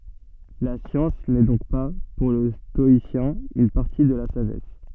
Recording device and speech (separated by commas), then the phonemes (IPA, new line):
soft in-ear microphone, read sentence
la sjɑ̃s nɛ dɔ̃k pa puʁ lə stɔisjɛ̃ yn paʁti də la saʒɛs